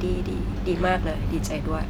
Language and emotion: Thai, frustrated